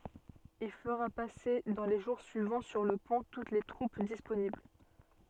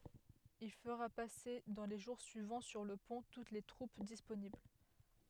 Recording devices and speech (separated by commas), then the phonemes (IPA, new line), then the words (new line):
soft in-ear microphone, headset microphone, read sentence
il fəʁa pase dɑ̃ le ʒuʁ syivɑ̃ syʁ lə pɔ̃ tut se tʁup disponibl
Il fera passer dans les jours suivants sur le pont toutes ses troupes disponibles.